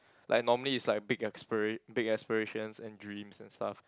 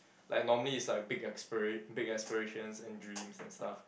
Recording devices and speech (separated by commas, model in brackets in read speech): close-talking microphone, boundary microphone, conversation in the same room